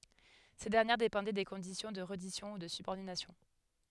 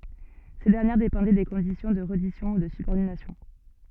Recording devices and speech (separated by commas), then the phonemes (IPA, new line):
headset microphone, soft in-ear microphone, read sentence
se dɛʁnjɛʁ depɑ̃dɛ de kɔ̃disjɔ̃ də ʁɛdisjɔ̃ u də sybɔʁdinasjɔ̃